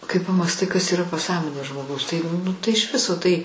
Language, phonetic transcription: Lithuanian, kai pamąsˈtai kas yˈra paˈsąmonė žmoˈgaus tai nu tai iš ˈviso tai

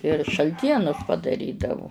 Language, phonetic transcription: Lithuanian, ir šalˈtienus padaˈrydavu

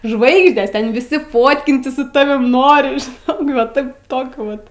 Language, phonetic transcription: Lithuanian, ˈžvaigždės ˈten viˈsi ˈfotkintis su ˈtavim ˈnori žiˈnok va ˈtaip ˈtokiu vat

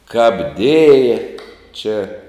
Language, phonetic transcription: Lithuanian, kap ˈdėja čia

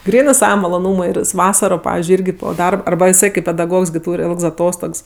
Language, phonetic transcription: Lithuanian, ˈgrynɜ ˈsava maloˈnūmui ir jis ˈvasaro ˈpavizdžiui ˈirgi po ˈdarb arˈba iˈsai kaip pedaˈgogs ˈtūr' ˈilgs aˈtostogs

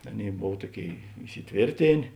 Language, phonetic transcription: Lithuanian, ˈaˌnėi ˈbov ˈtuoˌkėi isiˈtvėrtėnė

